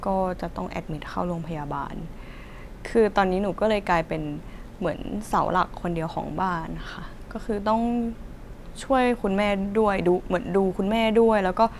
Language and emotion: Thai, frustrated